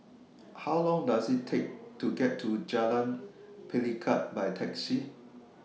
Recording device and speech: mobile phone (iPhone 6), read sentence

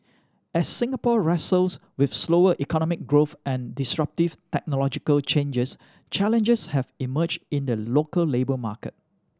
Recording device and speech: standing microphone (AKG C214), read sentence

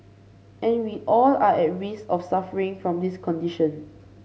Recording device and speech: mobile phone (Samsung C5), read sentence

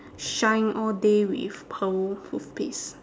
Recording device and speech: standing microphone, conversation in separate rooms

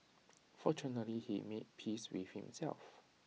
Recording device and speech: mobile phone (iPhone 6), read sentence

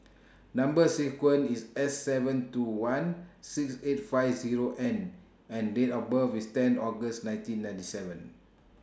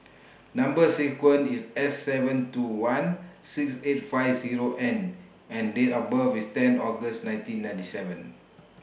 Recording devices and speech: standing microphone (AKG C214), boundary microphone (BM630), read sentence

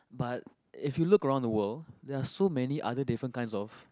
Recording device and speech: close-talking microphone, conversation in the same room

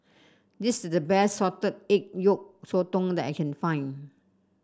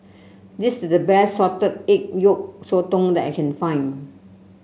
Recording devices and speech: standing microphone (AKG C214), mobile phone (Samsung C7), read sentence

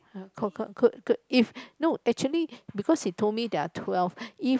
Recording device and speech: close-talking microphone, conversation in the same room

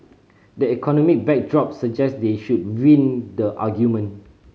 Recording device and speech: mobile phone (Samsung C5010), read sentence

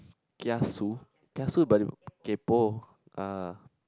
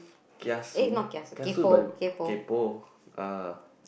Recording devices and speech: close-talking microphone, boundary microphone, conversation in the same room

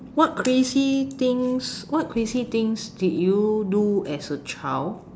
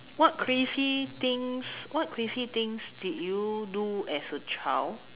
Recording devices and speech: standing microphone, telephone, conversation in separate rooms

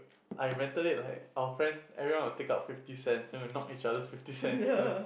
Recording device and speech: boundary microphone, conversation in the same room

